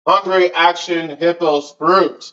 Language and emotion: English, disgusted